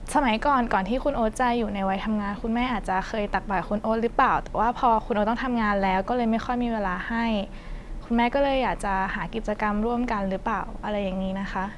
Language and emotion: Thai, neutral